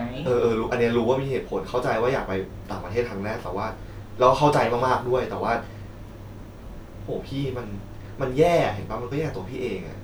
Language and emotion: Thai, frustrated